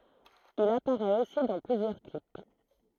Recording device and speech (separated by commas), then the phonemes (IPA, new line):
throat microphone, read sentence
il apaʁɛt osi dɑ̃ plyzjœʁ klip